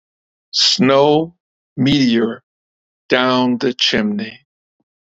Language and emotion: English, sad